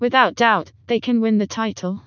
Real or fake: fake